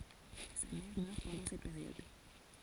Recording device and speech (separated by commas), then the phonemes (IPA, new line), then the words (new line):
forehead accelerometer, read sentence
sa mɛʁ mœʁ pɑ̃dɑ̃ sɛt peʁjɔd
Sa mère meurt pendant cette période.